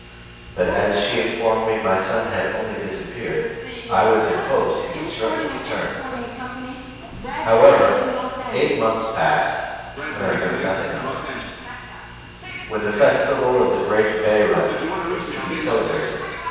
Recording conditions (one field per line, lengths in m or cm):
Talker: one person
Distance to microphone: 7.1 m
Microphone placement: far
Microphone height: 1.7 m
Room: very reverberant, large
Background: television